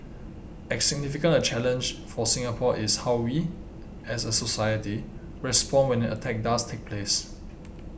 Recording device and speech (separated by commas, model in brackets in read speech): boundary microphone (BM630), read sentence